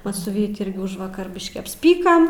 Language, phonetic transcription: Lithuanian, ˈmas su ˈvyti ˈirgi ˈužvakar ˈbiškį apsˈpykam

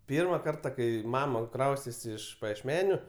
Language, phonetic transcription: Lithuanian, ˈpyrma ˈkarta ˈkai ˈmama ˈkraustėsi iš pajiešˈmeniu

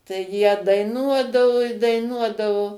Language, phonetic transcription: Lithuanian, tai ˈjie daiˈnuodavu i daiˈnuodavu

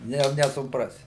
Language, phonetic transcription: Lithuanian, ˈne jau nesuˈprasi

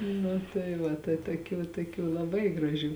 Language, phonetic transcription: Lithuanian, nu tai ˈva tai toˈkių toˈkių laˈbai graˈžių

